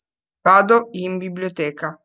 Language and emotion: Italian, neutral